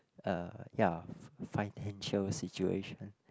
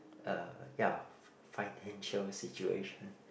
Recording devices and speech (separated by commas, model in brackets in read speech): close-talking microphone, boundary microphone, conversation in the same room